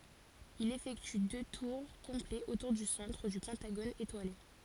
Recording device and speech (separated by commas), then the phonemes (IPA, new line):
forehead accelerometer, read sentence
il efɛkty dø tuʁ kɔ̃plɛz otuʁ dy sɑ̃tʁ dy pɑ̃taɡon etwale